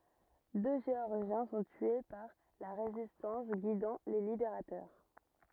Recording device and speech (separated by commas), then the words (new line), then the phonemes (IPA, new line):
rigid in-ear microphone, read sentence
Deux Géorgiens sont tués par la Résistance guidant les libérateurs.
dø ʒeɔʁʒjɛ̃ sɔ̃ tye paʁ la ʁezistɑ̃s ɡidɑ̃ le libeʁatœʁ